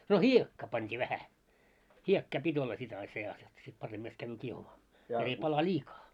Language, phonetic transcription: Finnish, no "hiekkaa pant́ii 'vähä , 'hiekkaa 'pit́ ‿olla 'sit ai se₍as ʲᵒᵗ sit 'paremmast kävvyy 'kiehumaa , jot ‿ei pala "ĺiikaa .
- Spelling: no hiekkaa pantiin vähän hiekkaa piti olla sitten ai seassa jotta sitten paremmasti käy kiehumaan jotta ei pala liikaa

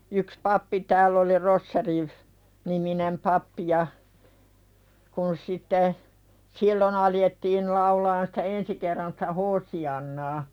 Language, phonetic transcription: Finnish, yks 'pappi tääll ‿oli 'Rosseri , -niminem "pappi ja , kun sitte , "sillon ‿aljettiin̳ laulaan sᴵtä 'ensi kerran sᴵtä "Hoosi₍annaa .
- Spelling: yksi pappi täällä oli Roschier niminen pappi ja kun sitten silloin alettiin laulamaan sitä ensi kerran sitä Hoosiannaa

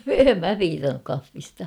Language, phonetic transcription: Finnish, em "mä 'piitannuk 'kaffista .
- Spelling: en minä piitannut kahvista

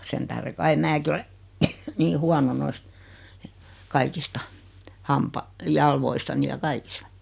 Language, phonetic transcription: Finnish, 'sen tähre kai 'määki ole , 'nii "huano 'noist , 'kaikista , 'nampa- , 'jalvoistani ja 'kaikis(t)a .
- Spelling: sen tähden kai minäkin olen niin huono noista kaikista - jaloistani ja kaikista

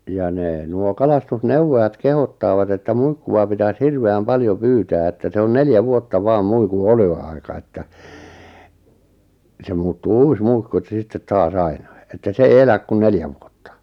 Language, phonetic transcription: Finnish, ja 'nee , nuo 'kalastus'neuwwojat 'kehottaavat että "muikku₍a pitäs "hirve₍äm "paljo "pyytää että se on 'neljä 'vuotta "vaam 'muiku "(e)lo₍aika että , 'se muuttuu "uus "muikku etᵗᵃ̈ ˢᵉ 'sittet 'taas "ainai , että 'sᵉ 'ei "eläk kun 'neljä vuottᴀ .
- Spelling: ja ne nuo kalastusneuvojat kehottavat että muikkua pitäisi hirveän paljon pyytää että se on neljä vuotta vain muikun eloaika että se muuttuu uusi muikku että se sitten taas aina että se ei elä kuin neljä vuotta

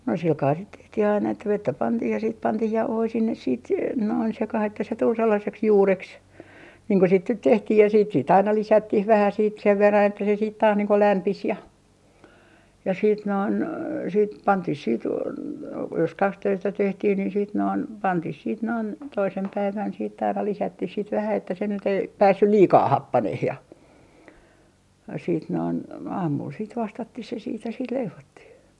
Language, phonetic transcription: Finnish, no 'silkaa sit 'tehtih ‿aina että 'vettä 'pantiih ja siit 'pantiih "jauhoi 'sinnes siit se- , noin 'sekah ‿että se tul 'sellaseks "juureks , niiŋ ko sit nyt 'tehtih ja siit siit 'aina "lisättih 'vähä siit sev 'verran että se siit taas niiŋ ko 'lämpis ja , ja siit noin , siit "pantih siit , jos "kaks₍öistä tehtih ni , siit noin , 'pantih siit noin , 'toisem 'päivän siit ‿aina 'lisättih sit vähä että se nyt ‿ei , "päässyl "liikaa "happaneh ja , siit noin , 'aamul siit 'vastattih se siit ja sit 'leivottih .
- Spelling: no sillä kalella sitten tehtiin aina että vettä pantiin ja sitten pantiin jauhoja sinne sitten - noin sekaan että se tuli sellaiseksi juureksi niin kuin sitten nyt tehtiin ja sitten sitten aina lisättiin vähän sitten sen verran että se sitten taas niin kuin lämpisi ja ja sitten noin sitten pantiin sitten jos kaksiöistä tehtiin niin sitten noin pantiin sitten noin toisena päivänä sitten aina lisättiin sitten vähän että se nyt ei päässyt liikaa happanemaan ja sitten noin aamulla sitten vastattiin se sitten ja sitten leivottiin

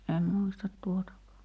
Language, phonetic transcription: Finnish, em 'muistat 'tuotakaa .
- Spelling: en muista tuotakaan

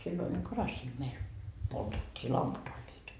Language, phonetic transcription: Finnish, silloin ‿oĺ 'karassii meil , poltettii 'lamput ‿oĺĺiit .
- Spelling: silloin oli karassia meillä poltettiin lamput olivat

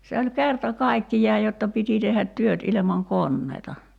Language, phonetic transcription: Finnish, se oĺ "kerta "kaikkij̀aaj jotta 'piti tehhät 'työt ilemaŋ "konneita .
- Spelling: se oli kerta kaikkiaan jotta piti tehdä työt ilman koneita

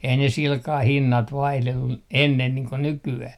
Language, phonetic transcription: Finnish, ei 'ne silkah 'hinnat 'vaihlellu 'ennen niiŋ ko 'nyky₍äh .
- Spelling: ei ne sillä kalella hinnat vaihdellut ennen niin kuin nykyään

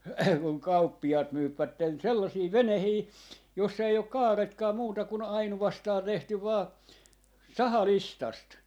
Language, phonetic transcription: Finnish, kuŋ 'kauppi₍aat 'myypvätten 'sellasii "venehii , 'jossa ei ok 'kaaretkaa muuta kun 'ainuvastaa 'tehty 'vaa , "saha"listast .
- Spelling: kun kauppiaat myyvät sellaisia veneitä jossa ei ole kaaretkaan muuta kuin ainoastaan tehty vain sahalistasta

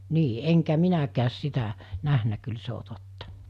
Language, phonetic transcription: Finnish, 'nii , 'eŋkä 'minäkääs 'sitä , 'nähnä kyl 'se o 'tottᴀ .
- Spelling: niin enkä minäkään sitä nähnyt kyllä se on totta

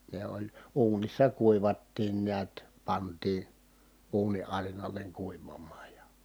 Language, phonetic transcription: Finnish, ne ‿oĺ ,. uunissa kuivattiin niät , pant̀ii , uuni ʼarinaleŋ kuivamaaj ja ,.
- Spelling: ne oli uunissa kuivattiin näet pantiin uuni arinalle kuivamaan ja

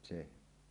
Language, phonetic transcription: Finnish, se .
- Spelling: se

